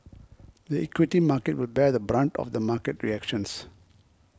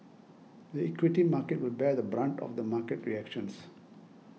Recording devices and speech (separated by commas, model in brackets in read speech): close-talking microphone (WH20), mobile phone (iPhone 6), read sentence